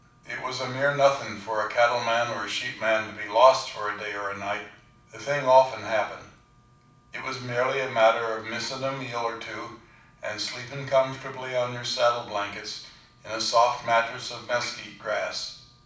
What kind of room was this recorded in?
A moderately sized room (about 5.7 m by 4.0 m).